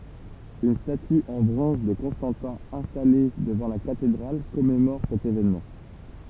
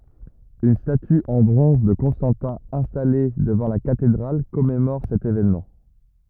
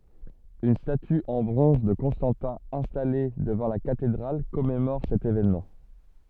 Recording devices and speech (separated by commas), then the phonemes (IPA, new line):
temple vibration pickup, rigid in-ear microphone, soft in-ear microphone, read sentence
yn staty ɑ̃ bʁɔ̃z də kɔ̃stɑ̃tɛ̃ ɛ̃stale dəvɑ̃ la katedʁal kɔmemɔʁ sɛt evenmɑ̃